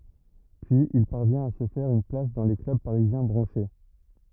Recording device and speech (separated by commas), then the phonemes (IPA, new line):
rigid in-ear microphone, read sentence
pyiz il paʁvjɛ̃t a sə fɛʁ yn plas dɑ̃ le klœb paʁizjɛ̃ bʁɑ̃ʃe